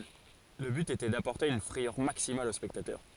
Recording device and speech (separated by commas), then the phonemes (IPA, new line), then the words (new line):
forehead accelerometer, read sentence
lə byt etɛ dapɔʁte yn fʁɛjœʁ maksimal o spɛktatœʁ
Le but était d'apporter une frayeur maximale aux spectateurs.